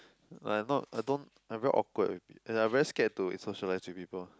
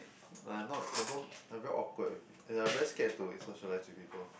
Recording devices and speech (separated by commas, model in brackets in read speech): close-talking microphone, boundary microphone, conversation in the same room